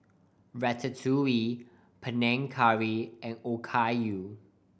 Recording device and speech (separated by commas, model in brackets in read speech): boundary microphone (BM630), read sentence